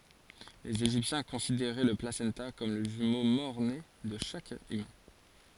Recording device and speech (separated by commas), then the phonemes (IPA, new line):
forehead accelerometer, read sentence
lez eʒiptjɛ̃ kɔ̃sideʁɛ lə plasɑ̃ta kɔm lə ʒymo mɔʁne də ʃak ymɛ̃